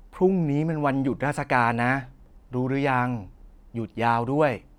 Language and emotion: Thai, neutral